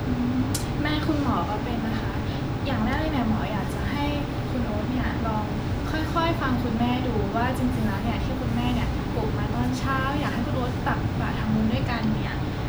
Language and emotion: Thai, neutral